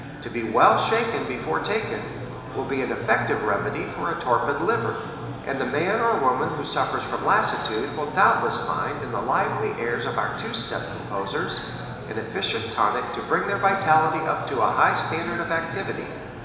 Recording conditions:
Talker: one person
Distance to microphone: 1.7 m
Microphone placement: close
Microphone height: 1.0 m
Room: very reverberant, large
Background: babble

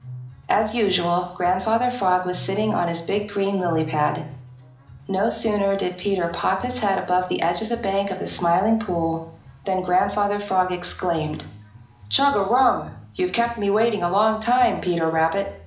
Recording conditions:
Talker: one person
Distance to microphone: 2.0 m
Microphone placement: close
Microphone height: 99 cm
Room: medium-sized (5.7 m by 4.0 m)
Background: music

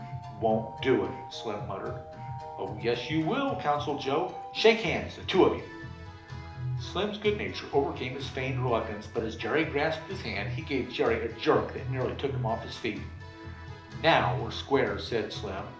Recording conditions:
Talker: one person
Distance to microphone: 2.0 m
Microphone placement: close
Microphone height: 99 cm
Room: medium-sized (5.7 m by 4.0 m)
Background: music

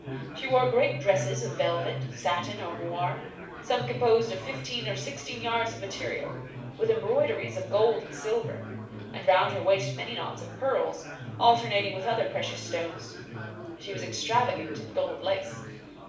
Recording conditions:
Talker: one person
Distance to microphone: 5.8 m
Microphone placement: far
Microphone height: 1.8 m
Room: medium-sized (5.7 m by 4.0 m)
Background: babble

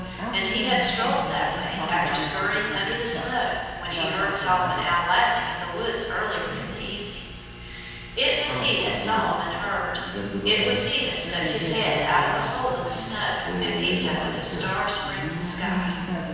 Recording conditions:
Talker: one person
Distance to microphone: 7.1 m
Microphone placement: far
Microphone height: 1.7 m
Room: very reverberant, large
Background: television

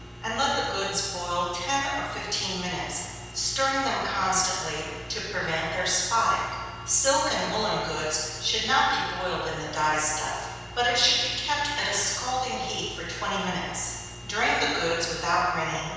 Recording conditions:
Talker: one person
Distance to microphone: 7.1 m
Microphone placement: far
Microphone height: 1.7 m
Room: very reverberant, large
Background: none

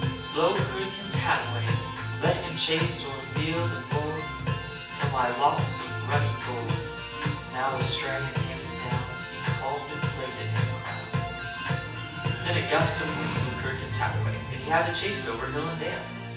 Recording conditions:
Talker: one person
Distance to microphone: 9.8 m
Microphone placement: far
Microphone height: 1.8 m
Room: large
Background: music

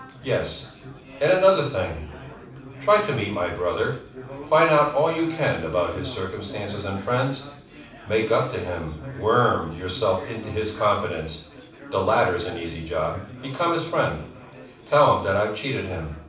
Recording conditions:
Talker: one person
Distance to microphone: 5.8 m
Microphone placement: far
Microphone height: 1.8 m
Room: medium-sized (5.7 m by 4.0 m)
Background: babble

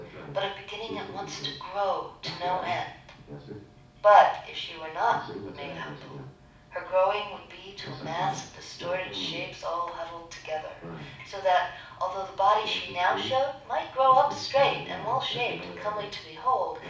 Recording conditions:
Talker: one person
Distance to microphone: 5.8 m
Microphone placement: far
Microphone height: 1.8 m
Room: medium-sized (5.7 m by 4.0 m)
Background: television

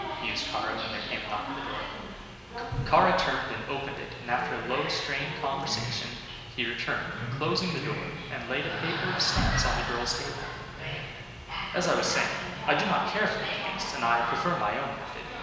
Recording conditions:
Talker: one person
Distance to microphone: 1.7 m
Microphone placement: close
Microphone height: 1.0 m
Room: very reverberant, large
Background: television

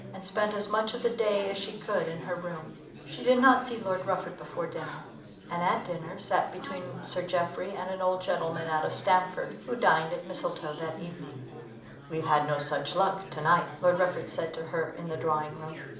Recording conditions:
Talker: one person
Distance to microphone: 2.0 m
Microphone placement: close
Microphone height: 99 cm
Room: medium-sized (5.7 m by 4.0 m)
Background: babble

